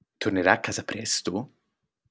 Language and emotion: Italian, surprised